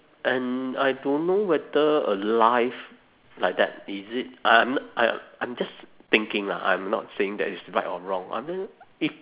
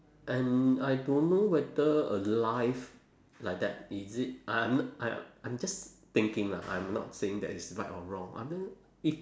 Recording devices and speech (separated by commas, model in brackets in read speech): telephone, standing microphone, conversation in separate rooms